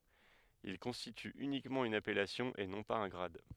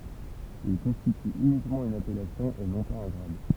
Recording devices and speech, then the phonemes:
headset microphone, temple vibration pickup, read sentence
il kɔ̃stity ynikmɑ̃ yn apɛlasjɔ̃ e nɔ̃ paz œ̃ ɡʁad

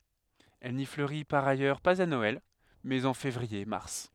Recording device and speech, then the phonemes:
headset microphone, read sentence
ɛl ni fløʁi paʁ ajœʁ paz a nɔɛl mɛz ɑ̃ fevʁiɛʁmaʁ

